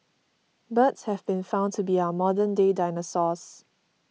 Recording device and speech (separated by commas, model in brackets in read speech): mobile phone (iPhone 6), read sentence